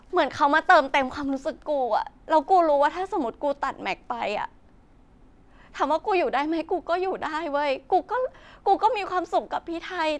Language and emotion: Thai, sad